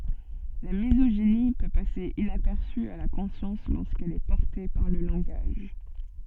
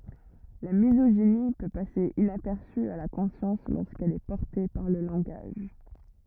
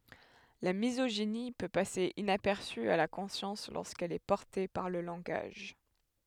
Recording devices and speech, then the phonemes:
soft in-ear microphone, rigid in-ear microphone, headset microphone, read sentence
la mizoʒini pø pase inapɛʁsy a la kɔ̃sjɑ̃s loʁskɛl ɛ pɔʁte paʁ lə lɑ̃ɡaʒ

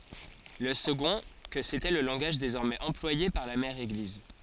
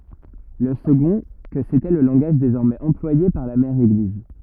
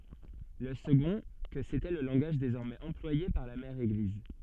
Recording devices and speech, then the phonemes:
forehead accelerometer, rigid in-ear microphone, soft in-ear microphone, read sentence
lə səɡɔ̃ kə setɛ lə lɑ̃ɡaʒ dezɔʁmɛz ɑ̃plwaje paʁ la mɛʁ eɡliz

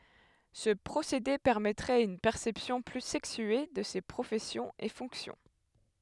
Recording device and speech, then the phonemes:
headset microphone, read sentence
sə pʁosede pɛʁmɛtʁɛt yn pɛʁsɛpsjɔ̃ ply sɛksye də se pʁofɛsjɔ̃z e fɔ̃ksjɔ̃

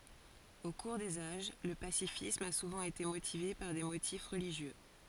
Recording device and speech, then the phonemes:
forehead accelerometer, read sentence
o kuʁ dez aʒ lə pasifism a suvɑ̃ ete motive paʁ de motif ʁəliʒjø

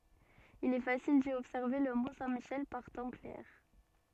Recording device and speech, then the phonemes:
soft in-ear microphone, read sentence
il ɛ fasil di ɔbsɛʁve lə mɔ̃ sɛ̃ miʃɛl paʁ tɑ̃ klɛʁ

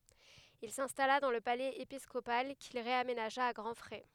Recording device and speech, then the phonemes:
headset microphone, read sentence
il sɛ̃stala dɑ̃ lə palɛz episkopal kil ʁeamenaʒa a ɡʁɑ̃ fʁɛ

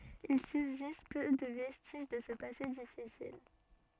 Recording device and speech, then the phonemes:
soft in-ear microphone, read sentence
il sybzist pø də vɛstiʒ də sə pase difisil

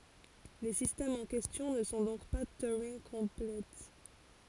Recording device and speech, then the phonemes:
forehead accelerometer, read sentence
le sistɛmz ɑ̃ kɛstjɔ̃ nə sɔ̃ dɔ̃k pa tyʁɛ̃ɡkɔ̃plɛ

